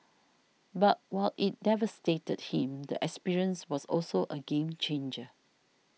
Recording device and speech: mobile phone (iPhone 6), read sentence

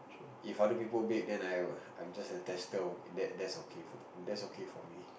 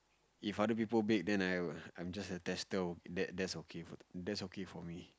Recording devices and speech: boundary microphone, close-talking microphone, conversation in the same room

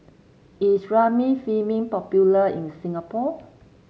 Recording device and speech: mobile phone (Samsung C7), read sentence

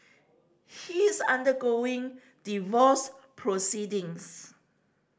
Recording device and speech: standing microphone (AKG C214), read sentence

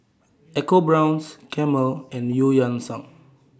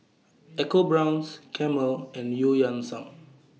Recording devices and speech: standing microphone (AKG C214), mobile phone (iPhone 6), read sentence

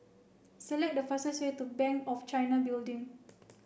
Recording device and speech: boundary microphone (BM630), read sentence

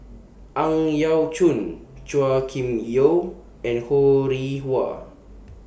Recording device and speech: boundary microphone (BM630), read sentence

